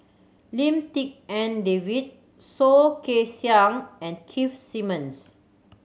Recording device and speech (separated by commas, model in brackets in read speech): mobile phone (Samsung C7100), read sentence